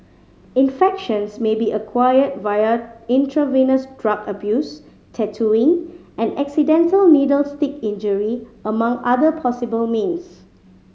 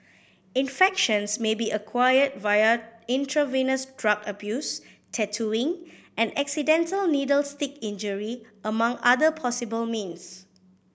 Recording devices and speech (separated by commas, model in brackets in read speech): mobile phone (Samsung C5010), boundary microphone (BM630), read sentence